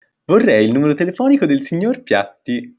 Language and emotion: Italian, happy